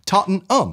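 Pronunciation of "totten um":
'Tottenham' is pronounced incorrectly here.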